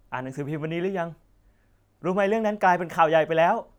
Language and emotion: Thai, happy